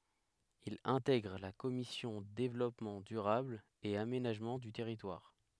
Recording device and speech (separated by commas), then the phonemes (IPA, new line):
headset microphone, read sentence
il ɛ̃tɛɡʁ la kɔmisjɔ̃ devlɔpmɑ̃ dyʁabl e amenaʒmɑ̃ dy tɛʁitwaʁ